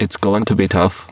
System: VC, spectral filtering